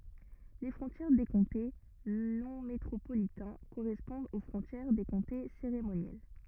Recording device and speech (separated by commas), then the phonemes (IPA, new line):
rigid in-ear microphone, read sentence
le fʁɔ̃tjɛʁ de kɔ̃te nɔ̃ metʁopolitɛ̃ koʁɛspɔ̃dt o fʁɔ̃tjɛʁ de kɔ̃te seʁemonjɛl